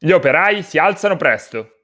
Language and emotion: Italian, angry